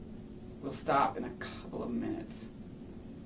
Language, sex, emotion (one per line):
English
male
sad